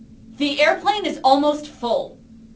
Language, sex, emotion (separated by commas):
English, female, angry